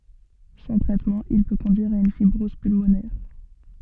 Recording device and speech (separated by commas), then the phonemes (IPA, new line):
soft in-ear microphone, read sentence
sɑ̃ tʁɛtmɑ̃ il pø kɔ̃dyiʁ a yn fibʁɔz pylmonɛʁ